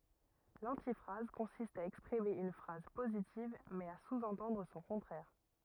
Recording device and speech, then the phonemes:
rigid in-ear microphone, read sentence
lɑ̃tifʁaz kɔ̃sist a ɛkspʁime yn fʁaz pozitiv mɛz a suzɑ̃tɑ̃dʁ sɔ̃ kɔ̃tʁɛʁ

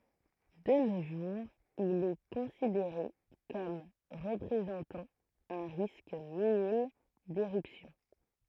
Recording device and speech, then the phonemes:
throat microphone, read sentence
də no ʒuʁz il ɛ kɔ̃sideʁe kɔm ʁəpʁezɑ̃tɑ̃ œ̃ ʁisk minim deʁypsjɔ̃

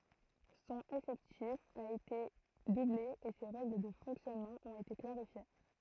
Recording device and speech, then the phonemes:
throat microphone, read sentence
sɔ̃n efɛktif a ete duble e se ʁɛɡl də fɔ̃ksjɔnmɑ̃ ɔ̃t ete klaʁifje

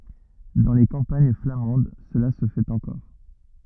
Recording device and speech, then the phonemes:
rigid in-ear microphone, read sentence
dɑ̃ le kɑ̃paɲ flamɑ̃d səla sə fɛt ɑ̃kɔʁ

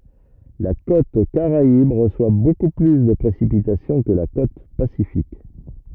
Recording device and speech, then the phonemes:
rigid in-ear microphone, read sentence
la kot kaʁaib ʁəswa boku ply də pʁesipitasjɔ̃ kə la kot pasifik

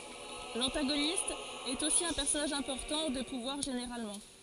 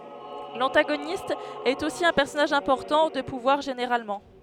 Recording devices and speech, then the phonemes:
forehead accelerometer, headset microphone, read sentence
lɑ̃taɡonist ɛt osi œ̃ pɛʁsɔnaʒ ɛ̃pɔʁtɑ̃ də puvwaʁ ʒeneʁalmɑ̃

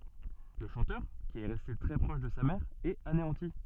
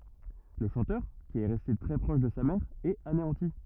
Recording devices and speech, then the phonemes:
soft in-ear microphone, rigid in-ear microphone, read sentence
lə ʃɑ̃tœʁ ki ɛ ʁɛste tʁɛ pʁɔʃ də sa mɛʁ ɛt aneɑ̃ti

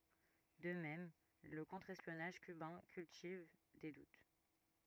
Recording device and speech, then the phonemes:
rigid in-ear microphone, read sentence
də mɛm lə kɔ̃tʁ ɛspjɔnaʒ kybɛ̃ kyltiv de dut

